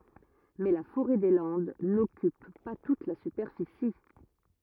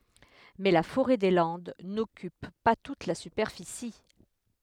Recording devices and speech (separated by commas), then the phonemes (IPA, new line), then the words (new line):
rigid in-ear microphone, headset microphone, read sentence
mɛ la foʁɛ de lɑ̃d nɔkyp pa tut la sypɛʁfisi
Mais la forêt des Landes n'occupe pas toute la superficie.